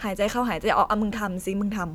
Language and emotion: Thai, neutral